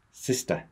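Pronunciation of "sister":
'Sister' is said the British English way, with no R sound after the schwa at the end of the word.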